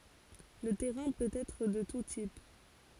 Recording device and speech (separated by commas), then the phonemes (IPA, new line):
forehead accelerometer, read sentence
lə tɛʁɛ̃ pøt ɛtʁ də tu tip